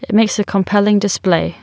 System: none